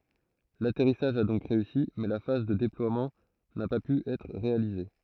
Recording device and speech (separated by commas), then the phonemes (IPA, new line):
throat microphone, read sentence
latɛʁisaʒ a dɔ̃k ʁeysi mɛ la faz də deplwamɑ̃ na pa py ɛtʁ ʁealize